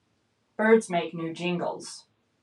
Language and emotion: English, neutral